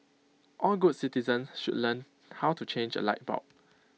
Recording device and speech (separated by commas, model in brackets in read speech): mobile phone (iPhone 6), read sentence